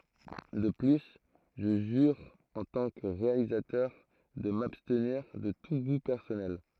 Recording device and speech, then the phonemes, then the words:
throat microphone, read sentence
də ply ʒə ʒyʁ ɑ̃ tɑ̃ kə ʁealizatœʁ də mabstniʁ də tu ɡu pɛʁsɔnɛl
De plus, je jure en tant que réalisateur de m'abstenir de tout goût personnel.

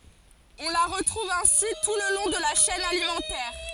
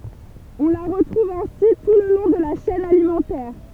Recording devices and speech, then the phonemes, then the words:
forehead accelerometer, temple vibration pickup, read sentence
ɔ̃ la ʁətʁuv ɛ̃si tu lə lɔ̃ də la ʃɛn alimɑ̃tɛʁ
On la retrouve ainsi tout le long de la chaîne alimentaire.

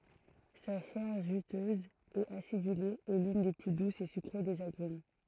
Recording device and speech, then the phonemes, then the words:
throat microphone, read sentence
sa ʃɛʁ ʒytøz e asidyle ɛ lyn de ply dusz e sykʁe dez aɡʁym
Sa chair juteuse et acidulée est l'une des plus douces et sucrées des agrumes.

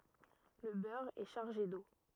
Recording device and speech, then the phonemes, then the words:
rigid in-ear microphone, read sentence
lə bœʁ ɛ ʃaʁʒe do
Le beurre est chargé d’eau.

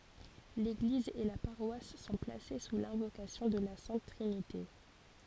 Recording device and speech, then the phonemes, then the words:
forehead accelerometer, read sentence
leɡliz e la paʁwas sɔ̃ plase su lɛ̃vokasjɔ̃ də la sɛ̃t tʁinite
L'église et la paroisse sont placées sous l'invocation de la Sainte Trinité.

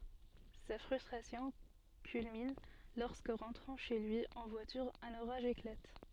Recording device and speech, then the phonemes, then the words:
soft in-ear microphone, read sentence
sa fʁystʁasjɔ̃ kylmin lɔʁskə ʁɑ̃tʁɑ̃ ʃe lyi ɑ̃ vwatyʁ œ̃n oʁaʒ eklat
Sa frustration culmine lorsque, rentrant chez lui en voiture, un orage éclate.

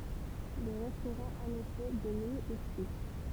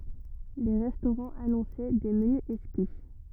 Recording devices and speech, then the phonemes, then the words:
temple vibration pickup, rigid in-ear microphone, read sentence
le ʁɛstoʁɑ̃z anɔ̃sɛ de məny ɛkski
Les restaurants annonçaient des menus exquis.

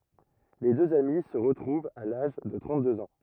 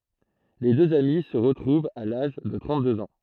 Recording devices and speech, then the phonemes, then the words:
rigid in-ear microphone, throat microphone, read sentence
le døz ami sə ʁətʁuvt a laʒ də tʁɑ̃t døz ɑ̃
Les deux amis se retrouvent à l'âge de trente-deux ans.

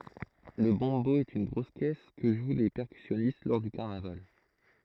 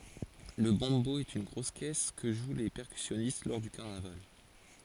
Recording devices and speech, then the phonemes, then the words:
throat microphone, forehead accelerometer, read sentence
lə bɔ̃bo ɛt yn ɡʁos kɛs kə ʒw le pɛʁkysjɔnist lɔʁ dy kaʁnaval
Le bombo est une grosse caisse que jouent les percussionnistes lors du carnaval.

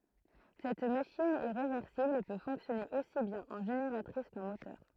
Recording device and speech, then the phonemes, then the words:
throat microphone, read sentence
sɛt maʃin ɛ ʁevɛʁsibl e pø fɔ̃ksjɔne osi bjɛ̃n ɑ̃ ʒeneʁatʁis kɑ̃ motœʁ
Cette machine est réversible et peut fonctionner aussi bien en génératrice qu'en moteur.

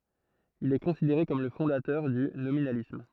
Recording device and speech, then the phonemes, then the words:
throat microphone, read sentence
il ɛ kɔ̃sideʁe kɔm lə fɔ̃datœʁ dy nominalism
Il est considéré comme le fondateur du nominalisme.

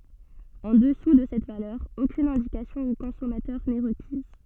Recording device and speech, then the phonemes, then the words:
soft in-ear microphone, read sentence
ɑ̃ dəsu də sɛt valœʁ okyn ɛ̃dikasjɔ̃ o kɔ̃sɔmatœʁ nɛ ʁəkiz
En dessous de cette valeur, aucune indication au consommateur n'est requise.

